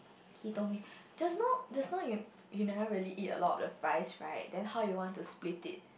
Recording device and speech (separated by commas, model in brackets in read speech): boundary microphone, conversation in the same room